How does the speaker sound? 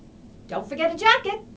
neutral